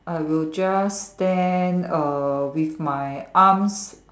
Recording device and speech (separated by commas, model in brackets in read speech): standing microphone, conversation in separate rooms